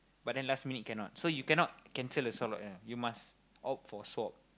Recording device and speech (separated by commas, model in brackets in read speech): close-talking microphone, conversation in the same room